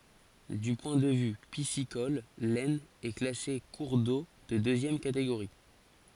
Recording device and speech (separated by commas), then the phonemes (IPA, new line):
forehead accelerometer, read sentence
dy pwɛ̃ də vy pisikɔl lɛsn ɛ klase kuʁ do də døzjɛm kateɡoʁi